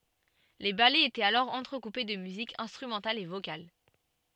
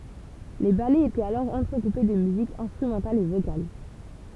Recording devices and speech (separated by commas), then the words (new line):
soft in-ear microphone, temple vibration pickup, read sentence
Les ballets étaient alors entrecoupés de musique instrumentale et vocale.